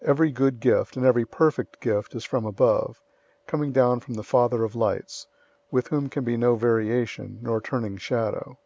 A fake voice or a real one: real